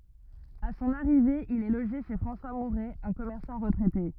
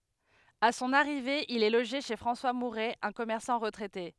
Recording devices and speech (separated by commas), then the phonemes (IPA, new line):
rigid in-ear microphone, headset microphone, read sentence
a sɔ̃n aʁive il ɛ loʒe ʃe fʁɑ̃swa muʁɛ œ̃ kɔmɛʁsɑ̃ ʁətʁɛte